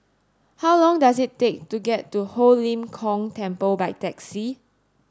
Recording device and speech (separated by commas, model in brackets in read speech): standing microphone (AKG C214), read sentence